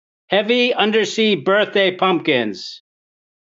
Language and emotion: English, neutral